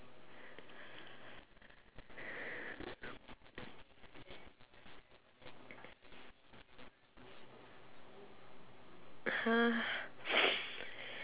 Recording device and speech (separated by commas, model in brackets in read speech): telephone, conversation in separate rooms